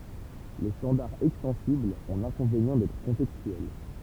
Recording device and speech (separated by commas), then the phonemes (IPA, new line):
temple vibration pickup, read sentence
le stɑ̃daʁz ɛkstɑ̃siblz ɔ̃ lɛ̃kɔ̃venjɑ̃ dɛtʁ kɔ̃tɛkstyɛl